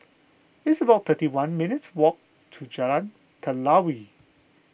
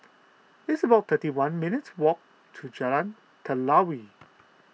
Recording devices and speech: boundary microphone (BM630), mobile phone (iPhone 6), read sentence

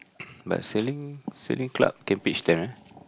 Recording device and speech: close-talking microphone, conversation in the same room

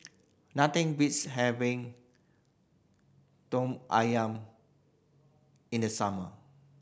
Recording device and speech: boundary microphone (BM630), read sentence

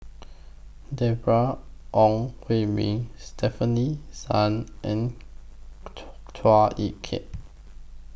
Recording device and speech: boundary microphone (BM630), read sentence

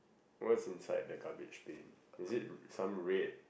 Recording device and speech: boundary microphone, conversation in the same room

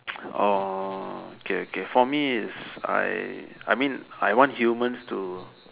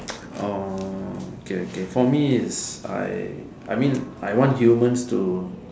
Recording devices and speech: telephone, standing microphone, conversation in separate rooms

